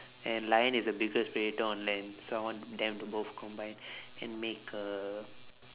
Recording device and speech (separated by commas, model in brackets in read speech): telephone, conversation in separate rooms